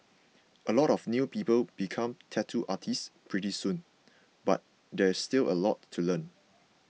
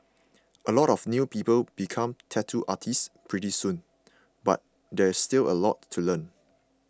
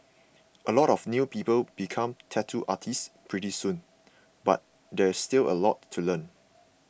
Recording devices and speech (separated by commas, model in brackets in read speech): mobile phone (iPhone 6), close-talking microphone (WH20), boundary microphone (BM630), read sentence